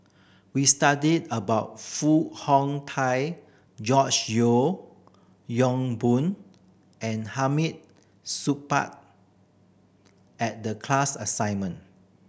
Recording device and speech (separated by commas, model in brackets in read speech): boundary microphone (BM630), read sentence